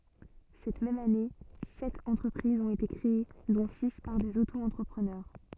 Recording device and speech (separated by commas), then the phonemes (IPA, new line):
soft in-ear microphone, read sentence
sɛt mɛm ane sɛt ɑ̃tʁəpʁizz ɔ̃t ete kʁee dɔ̃ si paʁ dez oto ɑ̃tʁəpʁənœʁ